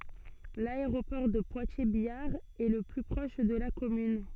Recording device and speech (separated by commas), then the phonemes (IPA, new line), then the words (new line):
soft in-ear microphone, read sentence
laeʁopɔʁ də pwatjɛʁzbjaʁ ɛ lə ply pʁɔʃ də la kɔmyn
L'aéroport de Poitiers-Biard est le plus proche de la commune.